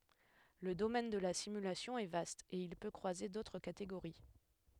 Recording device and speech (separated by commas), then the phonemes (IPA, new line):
headset microphone, read sentence
lə domɛn də la simylasjɔ̃ ɛ vast e il pø kʁwaze dotʁ kateɡoʁi